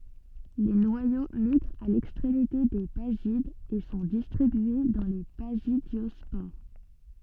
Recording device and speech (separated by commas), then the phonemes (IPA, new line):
soft in-ear microphone, read sentence
le nwajo miɡʁt a lɛkstʁemite de bazidz e sɔ̃ distʁibye dɑ̃ le bazidjɔspoʁ